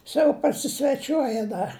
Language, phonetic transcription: Lithuanian, ˈsau pasisveˈčiuoja ˈdar

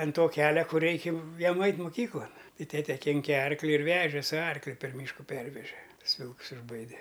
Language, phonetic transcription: Lithuanian, an ˈto ˈkelia ˈkur ˈreiki ˈjiem ˈait' muˈkyklan ˈtai ˈtete ˈkinke ˈarkli ir ˈveže su ˈarkliu per ˈmyšku ˈperveže ˈtus ˈvilks išˈbaide

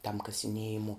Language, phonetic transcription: Lithuanian, tam kasiˈniejimo

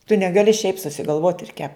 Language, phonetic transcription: Lithuanian, tu negaˈli šiaip susigalˈvot ir kep

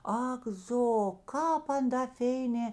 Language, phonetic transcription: Lithuanian, ˈak ˈzo kāp ˈan da ˈfėinė

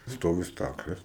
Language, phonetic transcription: Lithuanian, ˈstovi ˈstaklės

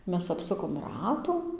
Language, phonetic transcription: Lithuanian, ˈmes apˈsukom ˈratų

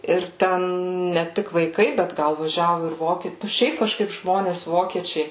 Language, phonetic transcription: Lithuanian, ir ˈten ne ˈtik vaiˈkai bet ˈgal vaˈžiavu ir ˈvokie ˈšiaip kaˈžkaip ˈžmonės ˈvokiečiai

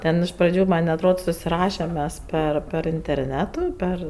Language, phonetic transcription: Lithuanian, ˈten iš praˈdžių man' atˈrod susiˈrašem ˈmes ˈper per interˈnetu ˈper

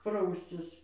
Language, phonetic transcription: Lithuanian, ˈprauscis

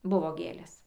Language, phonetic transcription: Lithuanian, ˈbuvo ˈgėlės

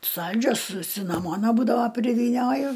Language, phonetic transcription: Lithuanian, ˈsaldžios su sinaˈmona ˈbūdava privyˈnioju

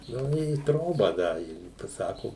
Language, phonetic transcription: Lithuanian, ˈnu i ˈtrobą ˈda i paˈsako

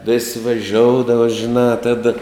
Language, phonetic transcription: Lithuanian, vis' veˈžioudava žiˈnā ˈtada

